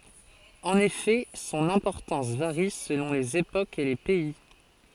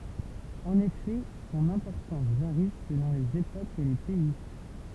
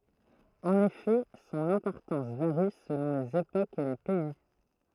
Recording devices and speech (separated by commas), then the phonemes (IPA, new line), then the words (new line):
forehead accelerometer, temple vibration pickup, throat microphone, read sentence
ɑ̃n efɛ sɔ̃n ɛ̃pɔʁtɑ̃s vaʁi səlɔ̃ lez epokz e le pɛi
En effet, son importance varie selon les époques et les pays.